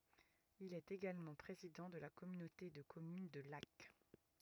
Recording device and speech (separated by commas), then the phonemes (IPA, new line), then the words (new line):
rigid in-ear microphone, read sentence
il ɛt eɡalmɑ̃ pʁezidɑ̃ də la kɔmynote də kɔmyn də lak
Il est également président de la communauté de communes de Lacq.